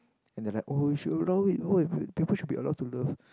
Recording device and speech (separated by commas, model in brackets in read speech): close-talking microphone, conversation in the same room